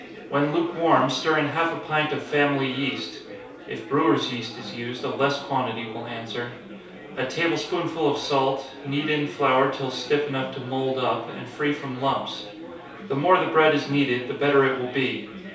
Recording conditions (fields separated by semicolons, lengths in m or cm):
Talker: one person; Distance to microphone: 3.0 m; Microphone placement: far; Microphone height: 1.8 m; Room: small (3.7 m by 2.7 m); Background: babble